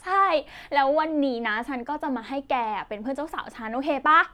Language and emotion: Thai, happy